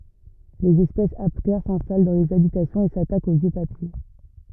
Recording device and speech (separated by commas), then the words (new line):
rigid in-ear microphone, read sentence
Les espèces aptères s'installent dans les habitations et s'attaquent aux vieux papiers.